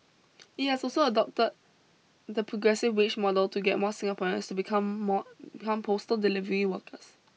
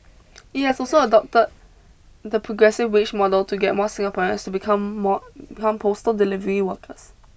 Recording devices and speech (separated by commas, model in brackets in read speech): mobile phone (iPhone 6), boundary microphone (BM630), read sentence